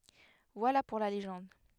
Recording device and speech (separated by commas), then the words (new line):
headset microphone, read sentence
Voilà pour la légende...